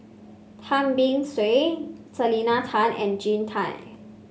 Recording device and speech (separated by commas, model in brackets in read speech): mobile phone (Samsung C5), read sentence